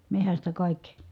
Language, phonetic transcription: Finnish, mehästä kàikki .
- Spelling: metsästä kaikki

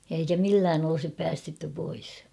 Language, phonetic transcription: Finnish, ja eikä "millään ‿olᵒsip 'päästetty pois .
- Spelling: ja eikä millään olisi päästetty pois

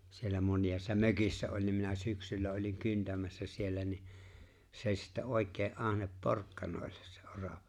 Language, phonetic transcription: Finnish, siellä 'mońiʲaassa "mökissä oĺ nim minä 'syksyllä oliŋ 'kyntämässä siellä ni’ , (sᵉ ‿o͔ĺ) sⁱttä 'òek̀ee’ '’ahnep "porkkanòellᴇs sᴇ '’oravᴀ .
- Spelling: siellä monessa mökissä oli niin minä syksyllä olin kyntämässä siellä niin se oli sitten oikein ahne porkkanoille se orava

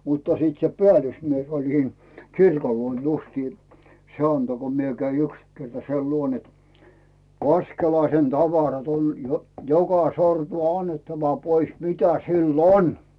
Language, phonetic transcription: Finnish, mutta 'siit se "peä̀lysmies oĺ siin , "kirkol 'luon justii , 'se "anto ko 'mie käi 'yks kerta 'sei luon ‿et , » 'Vaskelaisen 'tavarat ‿on , j- 'joka 'sortu "annettava 'pois 'mitä 'sill ‿"on « .
- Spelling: mutta sitten se päällysmies oli siinä kirkon luona justiin se antoi kun minä kävin yksi kerta sen luona että Vaskelaisen tavarat on - joka sortua annettava pois mitä sillä on

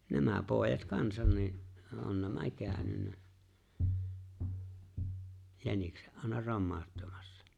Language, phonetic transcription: Finnish, 'nämä 'pòejat "kansan ni’ , '’on "nämä 'kääᵒ̈nynnä , 'jänikse’ '’àena "rommaaᵒttamassᴀ .
- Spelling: nämä pojat kanssa niin on nämä käynyt jäniksen aina romauttamassa

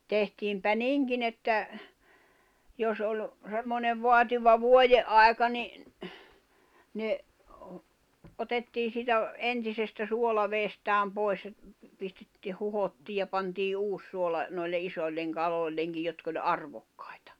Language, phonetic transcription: Finnish, tehtiimpä "niŋkin ‿että , jos oĺ , semmonev 'voativa "vuoje’ ’ài̬ka ni , ne , 'otettii siitä , 'entisestä 'suolaveestääm 'poi̬s ʲᵃ , pistettⁱ 'huhottii ja pantii 'uus 'suola , noille 'isoĺleŋ 'kaloĺleŋkij̆ jotk ‿oĺ "arvokkᴀ̀ɪ̬tᴀ .
- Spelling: tehtiinpä niinkin että jos oli semmoinen vaativa - vuodenaika niin ne otettiin siitä entisestä suolavedestään pois ja pistettiin huuhdottiin ja pantiin uusi suola noille isoille kaloillekin jotka oli arvokkaita

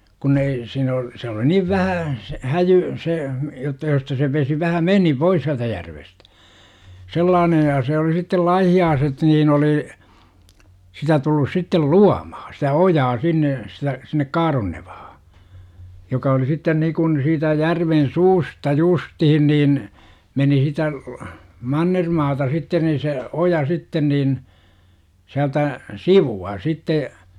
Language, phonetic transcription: Finnish, kun̆n ‿ei , siin ‿o , se oli 'niv 'vähää , s - 'häjyy , se , jotta josta se 'vesi vähä "meni 'pois siältä järvestÄ , 'sellaanej ja se oli sittel "laihi₍aaset nii'n ‿olì , 'sitä tullus sittel "luamahA sitä 'ojaa sinne , sitä , sinnek "KaaronneVAhA , 'joka oli sitten nikun 'siitä 'järven "suusta "justihin niin , 'meni sitä , "mannermaata 'sitten nii se , "oja sitten niin , siältä , "sivu₍a sitte , .
- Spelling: kun ei siinä ole se oli niin vähää se häjyä se jotta josta se vesi vähän meni pois sieltä järvestä sellainen ja se oli sitten laihialaiset niin oli sitä tullut sitten luomaan sitä ojaa sinne sitä sinne Kaaronnevalle joka oli sitten niin kuin siitä järven suusta justiin niin meni sitä mannermaata sitten niin se oja sitten niin sieltä sivua sitten

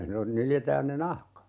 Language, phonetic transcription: Finnish, non - 'nyljetään ne "nahka .
- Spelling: - nyljetään ne nahka

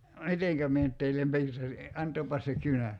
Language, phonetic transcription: Finnish, "miteŋkä 'mie nʸt teillem "piirtäsi , 'ant̀oopas se "kynä !
- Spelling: miten minä nyt teille piirtäisin antakaapas se kynä

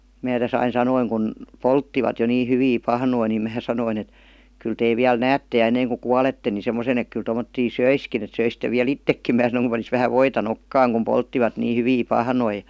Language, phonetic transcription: Finnish, 'mää .täs ‿ain "sanoiŋ kun , "polttivat jo nii 'hyvii 'pahnoi nim 'mää sanoin ‿et , 'kyl » tee viäl "näätte ʲa 'enneiŋ ku "kualette ni 'semosen ‿ek kyl tomottii "söiskin ‿et söisit̆te viä"l ‿ittekkim « 'mää sanoⁱŋ kum panis vähä "voita "nokkaaŋ kum "polttivat nii 'hyvii 'pahnoi .
- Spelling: minä tässä aina sanoin kun polttivat jo niin hyviä pahnoja niin minä sanoin että kyllä te vielä näette ja ennen kuin kuolette niin semmoisen että kyllä tuommoisia söisikin että söisitte vielä itsekin minä sanoin kun panisi vähän voita nokkaan kun polttivat niin hyviä pahnoja

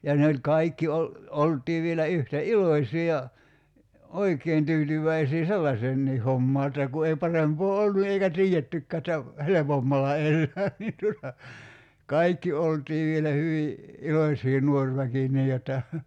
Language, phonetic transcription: Finnish, ja 'ne oĺ 'kaikki ol- , 'olt̀ii vielä 'yhtä "iloⁱsì ja , "oik̀een 'tyytyv̀äisii "sellaseennii 'hommaa että ku ei 'parempoo "ollu eikä "tii₍ettykkää ᵉttä , "helepommalla 'ellää niin tuota , "kaikki 'oltii vielä 'hyvi , "ilośii 'nuor väki 'nii jotta .
- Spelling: ja ne oli kaikki - oltiin vielä yhtä iloisia ja oikein tyytyväisiä sellaiseenkin hommaan että kun ei parempaa ollut eikä tiedettykään että helpommalla elää niin tuota kaikki oltiin vielä hyvin iloisia nuori väki niin jotta

